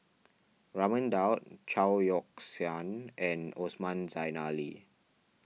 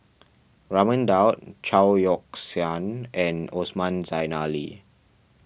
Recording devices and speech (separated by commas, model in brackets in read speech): mobile phone (iPhone 6), boundary microphone (BM630), read sentence